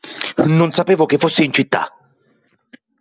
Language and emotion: Italian, angry